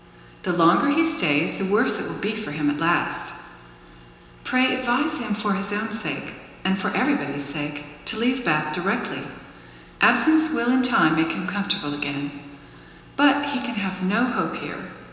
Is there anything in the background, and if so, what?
Nothing.